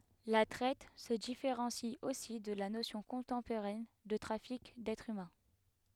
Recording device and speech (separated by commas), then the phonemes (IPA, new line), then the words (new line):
headset microphone, read sentence
la tʁɛt sə difeʁɑ̃si osi də la nosjɔ̃ kɔ̃tɑ̃poʁɛn də tʁafik dɛtʁz ymɛ̃
La traite se différencie aussi de la notion contemporaine de trafic d'êtres humains.